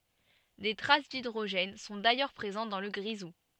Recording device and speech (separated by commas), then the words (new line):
soft in-ear microphone, read sentence
Des traces d'hydrogène sont d'ailleurs présentes dans le grisou.